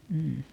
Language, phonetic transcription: Finnish, m̥ m̥m̥ .
- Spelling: mm mm

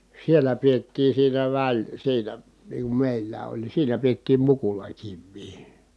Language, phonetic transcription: Finnish, siellä piettii siinä väl- , siinä , niiŋ kum mèillää oĺ ni siinä piettiim mukulakivvii .
- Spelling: siellä pidettiin siinä - siinä niin kuin meillä oli niin siinä pidettiin mukulakiviä

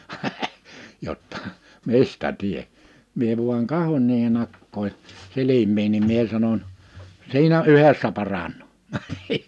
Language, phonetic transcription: Finnish, jottᴀ , » 'mistä 'tie- « , mie vuaŋ 'kahoń niihe'n ‿akkoi , 'silim̀iin nim 'mie sanoń : » 'siinä '’yhessä 'paraǹᴏᴏ ! «
- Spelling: jotta mistä - minä vain katson niiden akkojen silmiin niin minä sanon siinä yhdessä paranee

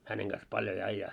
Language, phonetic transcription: Finnish, 'häneŋ ɢas 'palj ‿oĺ 'aⁱjjaa .
- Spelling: hänen kanssa paljon oli ajaa

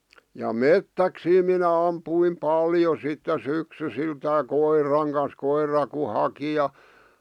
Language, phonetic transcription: Finnish, ja "mettäksii minä 'ampuim "paljo sitte 'syksysiltää "koir̆raŋ kans 'koir̆ra ku 'haki ja ,.
- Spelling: ja metsäksiä minä ammuin paljon sitten syksyisiltänsä koiran kanssa koira kun haki ja

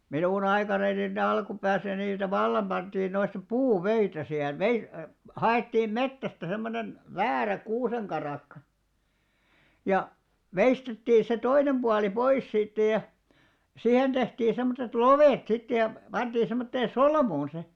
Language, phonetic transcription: Finnish, 'minùn ‿aikananin ne 'alkupääsä niitä "vallam 'ʙanᴅiin noista "puu"vöitä sihen , 'vei- , "ha₍èttiim "mettästä semmonen , 'väärä 'kuuseŋkaràkka , ja , "veistettiiḭ se 'toinem ʙuali "pois 'siittä ja , "sihen tehtii 'semmotet "lovet 'sittej̆ ja , 'panᴅii semmottee "solmuun se .
- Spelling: minun aikanani ne alkupäässä niitä vallan pantiin noista puuvöitä siihen - haettiin metsästä semmoinen väärä kuusenkarakka ja veistettiin se toinen puoli pois siitä ja siihen tehtiin semmoiset lovet sitten ja pantiin semmoiseen solmuun se

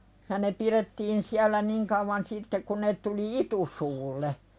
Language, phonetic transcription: Finnish, ja ne 'pirettiin siäl̆lä "niŋ kauvan sitte kun ne tuli "itusuulle .
- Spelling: ja ne pidettiin siellä niin kauan sitten kun ne tuli itusuulle

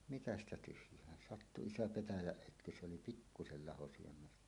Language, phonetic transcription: Finnish, mitä ‿stä tyhj̀ään 'sattu "iso "petäjäˀ 'ˀötky se oli "pikkusel 'laho syömmeltä .
- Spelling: mitä sitä tyhjään sattui iso petäjän ötky se oli pikkuisen laho sydämestä

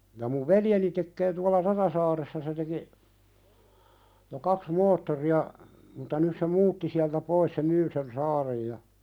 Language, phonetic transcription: Finnish, ja muv "veljeni tekkee tuala "Raðasaaressa se teki , jo 'kaks "moottori₍a , muta nys se "muutti siältä 'pois se "myy sen 'saarej ja ,.
- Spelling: ja minun veljeni tekee tuolla Rajasaaressa se teki jo kaksi moottoria mutta nyt se muutti sieltä pois se myy sen saaren ja

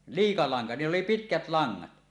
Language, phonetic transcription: Finnish, 'liika laŋka , 'niill ‿oli "pitkät 'laŋŋat .
- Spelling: liika lanka niillä oli pitkät langat

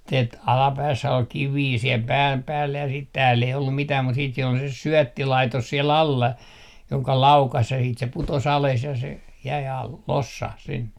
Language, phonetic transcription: Finnish, tet- , 'alapäässä ol kivii siel 'pääm 'päällä ja sit 'tääll ‿ei ollum mitää mut siit siel ‿ol se 'syɔ̈̀ttilaitos sie'l ‿alla , 'joŋka "laukas ja siit se 'puto's ‿ales ja se jäi al- , "lossah 'sinne .
- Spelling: - alapäässä oli kiviä siellä pään päällä ja sitten täällä ei ollut mitään mutta sitten siellä oli se syöttilaitos siellä alla jonka laukaisi ja sitten se putosi alas ja se jäi - lossahti sinne

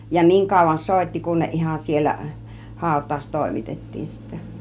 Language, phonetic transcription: Finnish, ja 'niiŋ kàuvan "sòitti kun 'ne , 'ihan 'siellä , 'hàut̆tàus "tòimitettiin sittä .
- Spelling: ja niin kauan soitti kun ne ihan siellä hautaus toimitettiin sitten

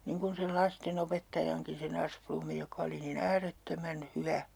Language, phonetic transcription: Finnish, 'niŋ kun̬ sel "laste'n ‿opettajaŋkin̬ se'n ‿Asplummi jokᵃ oli nii"n ‿ääret'tömän "hyvä .
- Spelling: niin kuin sen lasten opettajankin sen Asplundin joka oli niin äärettömän hyvä

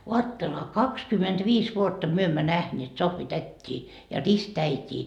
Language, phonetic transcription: Finnish, 'oatteleha , "kakskymentviis vuotta 'myö emmä "nähneet 'Sohvität́t́ii ja 'ristäit́ii .
- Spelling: ajattelehan kaksikymmentäviisi vuotta me emme nähneet Sohvi-tätiä ja ristiäitiä

